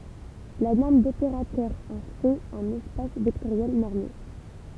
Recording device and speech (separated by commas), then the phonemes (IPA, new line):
temple vibration pickup, read sentence
la nɔʁm dopeʁatœʁ ɑ̃ fɛt œ̃n ɛspas vɛktoʁjɛl nɔʁme